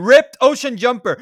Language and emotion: English, angry